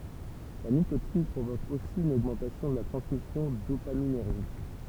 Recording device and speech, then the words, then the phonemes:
temple vibration pickup, read sentence
La nicotine provoque aussi une augmentation de la transmission dopaminergique.
la nikotin pʁovok osi yn oɡmɑ̃tasjɔ̃ də la tʁɑ̃smisjɔ̃ dopaminɛʁʒik

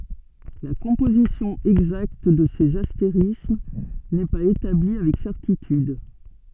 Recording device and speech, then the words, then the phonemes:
soft in-ear microphone, read sentence
La composition exacte de ces astérismes n'est pas établie avec certitude.
la kɔ̃pozisjɔ̃ ɛɡzakt də sez asteʁism nɛ paz etabli avɛk sɛʁtityd

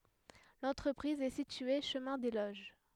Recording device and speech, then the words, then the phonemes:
headset microphone, read sentence
L'entreprise est située chemin des Loges.
lɑ̃tʁəpʁiz ɛ sitye ʃəmɛ̃ de loʒ

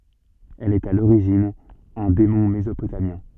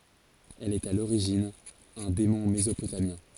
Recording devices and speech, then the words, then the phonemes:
soft in-ear microphone, forehead accelerometer, read sentence
Elle est à l'origine un démon mésopotamien.
ɛl ɛt a loʁiʒin œ̃ demɔ̃ mezopotamjɛ̃

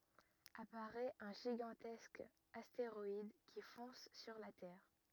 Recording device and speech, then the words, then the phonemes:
rigid in-ear microphone, read sentence
Apparaît un gigantesque astéroïde qui fonce sur la Terre.
apaʁɛt œ̃ ʒiɡɑ̃tɛsk asteʁɔid ki fɔ̃s syʁ la tɛʁ

